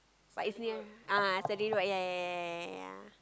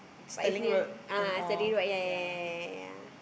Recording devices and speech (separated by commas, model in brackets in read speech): close-talking microphone, boundary microphone, conversation in the same room